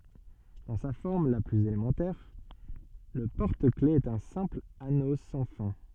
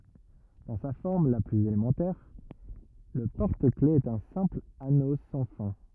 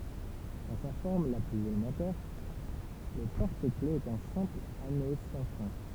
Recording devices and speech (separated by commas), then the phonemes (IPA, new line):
soft in-ear microphone, rigid in-ear microphone, temple vibration pickup, read sentence
dɑ̃ sa fɔʁm la plyz elemɑ̃tɛʁ lə pɔʁtəklɛfz ɛt œ̃ sɛ̃pl ano sɑ̃ fɛ̃